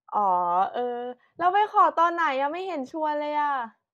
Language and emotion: Thai, happy